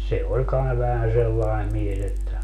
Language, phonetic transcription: Finnish, se 'oĺ kai vähän 'sellae 'mies ‿että ,.
- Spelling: se oli kai vähän sellainen mies että

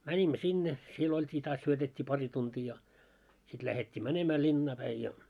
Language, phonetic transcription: Finnish, 'mäńimmö "sinne , 'siel ‿olt́ii taas 'syötet́t́ii 'pari tuntii ja , sit 'lähet́t́ii "mänemä 'linnaa päi ja .
- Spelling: menimme sinne siellä oltiin taas syötettiin pari tuntia ja sitten lähdettiin menemään linnaan päin ja

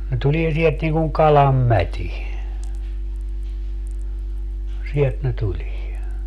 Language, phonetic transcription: Finnish, ne 'tulie sielt niŋ kuŋ "kalam "mät́i , 'sielt ne 'tulie .
- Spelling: ne tulee sieltä niin kuin kalan mäti sieltä ne tulee

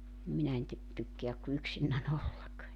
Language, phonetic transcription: Finnish, nim 'minä en ty- , tykkeäk ku 'yksinnä'n ‿ollak .
- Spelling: niin minä en - tykkää kuin yksinäni olla

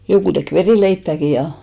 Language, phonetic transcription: Finnish, 'jokù tek "verìleippä̀ki 'ja .
- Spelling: joku teki verileipääkin ja

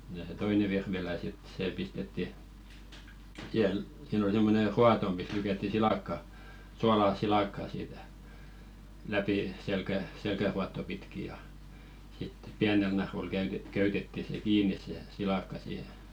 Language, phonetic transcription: Finnish, ja se "toine virvilä sit 'see pistetti , sihel- , siin ‿ol semmone "ruato mis 'lykätti "silàkka , 'sualaa "silakkaa siitä , läpi , selkä- , 'selkäruatto pitki ja , sit 'piänel narul käyte- 'köytetti se "kiini̳§s se , 'silakka siihe .
- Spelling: ja se toinen virvilä sitten se pistettiin - siinä oli semmoinen ruoto missä lykättiin silakka suolaa silakkaan siitä läpi - selkäruotoa pitkin ja sitten pienellä narulla - köytettiin se kiinni se silakka siihen

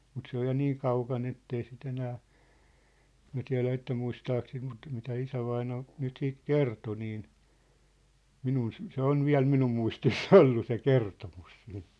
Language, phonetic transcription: Finnish, mut 'se ‿oj ja "niiŋ 'kauka̳n ‿ettei sit ‿enää , 'mĭä̭ tiä̭lä että 'muistaak sit mut , mitä 'isävaina , 'nyt 'siit "kerto niin , "minun sĕ , se 'on̳ "viä̭l 'minum muistis"s ‿ollu se "kertomus sii(ɴ)t .
- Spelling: mutta se on ja niin kaukana että ei sitä enää minä tiedä että muistaako sitä mutta mitä isävainaja nyt siitä kertoi niin minun se se on vielä minun muistissa ollut se kertomus siitä

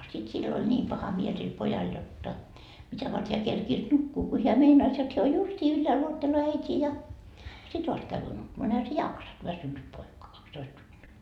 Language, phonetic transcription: Finnish, sit sill ‿oĺ 'ńiim 'paha miel sil 'pojal 'jotta , 'mitä vart heä 'kerkiis "nukkuu ko heä 'meinais jot heä o 'justii yllääl 'uotteloo "äit́ii ja "sit vast käyvyy 'nukkumaa no ehä se "jaksat , 'väsynnyt poika kaks'toist vuotta .
- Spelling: sitten sillä oli niin paha mieli sillä pojalla jotta mitä varten hän kerkesi nukkua kun hän meinasi jotta hän on justiin ylhäällä odottelee äitiä ja sitten vasta käy nukkumaan no eihän se jaksanut väsynyt poika kaksitoista vuotta

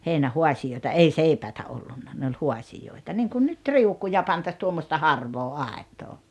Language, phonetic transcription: Finnish, heinä"huasijoita "ei "seipäitä 'ollunna ne ol "huasijoita niŋkun 'nyt "riukuja pantas 'tuommosta "harvoo "àet̀oo .
- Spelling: heinähaasioita ei seipäitä ollut ne oli haasioita niin kuin nyt riukuja pantaisiin tuommoista harvaa aitaa

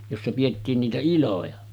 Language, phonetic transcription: Finnish, 'jossa piʲettiin niitä 'iloja .
- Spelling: jossa pidettiin niitä iloja

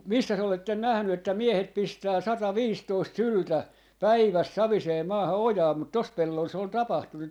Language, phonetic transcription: Finnish, ku- , "missäs ‿oletten 'nähny että 'miehet pistää 'sata"viistoist "syltä , "päiväs 'savisee 'maaha "ojaa mut 'tos 'pellol se ‿ol 'tapahtunu , .
- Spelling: - missäs olette nähnyt että miehet pistää sataviisitoista syltä päivässä saviseen maahan ojaan mutta tuossa pellolla se oli tapahtunut

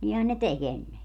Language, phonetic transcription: Finnish, 'nihän ne "tek ‿enne .
- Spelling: niinhän ne teki ennen

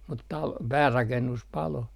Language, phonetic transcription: Finnish, mut 'tal- , "päärakennus 'palo .
- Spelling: mutta - päärakennus paloi

